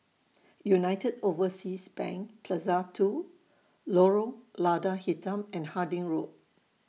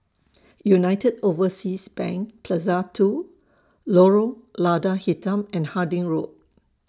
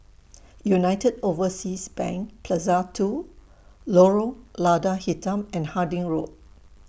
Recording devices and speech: mobile phone (iPhone 6), standing microphone (AKG C214), boundary microphone (BM630), read sentence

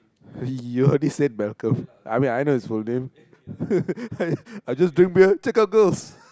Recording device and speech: close-talking microphone, conversation in the same room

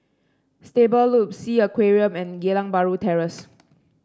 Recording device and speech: standing microphone (AKG C214), read sentence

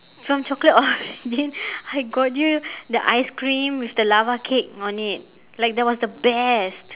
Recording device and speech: telephone, conversation in separate rooms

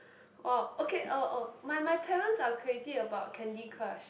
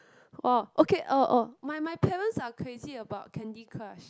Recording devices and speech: boundary microphone, close-talking microphone, conversation in the same room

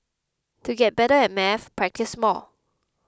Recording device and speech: close-talking microphone (WH20), read sentence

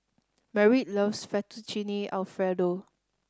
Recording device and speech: standing microphone (AKG C214), read sentence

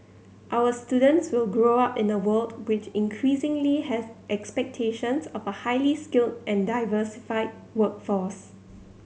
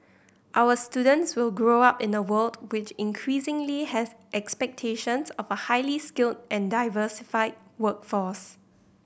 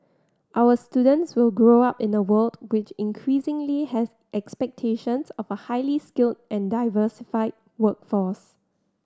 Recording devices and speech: mobile phone (Samsung C7100), boundary microphone (BM630), standing microphone (AKG C214), read sentence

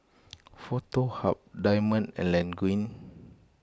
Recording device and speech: close-talking microphone (WH20), read sentence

